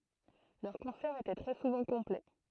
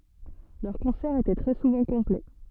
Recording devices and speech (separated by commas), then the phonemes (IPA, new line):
throat microphone, soft in-ear microphone, read sentence
lœʁ kɔ̃sɛʁz etɛ tʁɛ suvɑ̃ kɔ̃plɛ